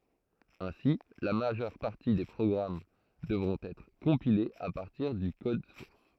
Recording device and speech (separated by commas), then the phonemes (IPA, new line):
throat microphone, read sentence
ɛ̃si la maʒœʁ paʁti de pʁɔɡʁam dəvʁɔ̃t ɛtʁ kɔ̃pilez a paʁtiʁ dy kɔd suʁs